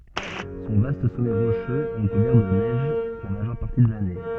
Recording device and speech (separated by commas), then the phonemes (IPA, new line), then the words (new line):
soft in-ear microphone, read sentence
sɔ̃ vast sɔmɛ ʁoʃøz ɛ ʁəkuvɛʁ də nɛʒ la maʒœʁ paʁti də lane
Son vaste sommet rocheux est recouvert de neige la majeure partie de l'année.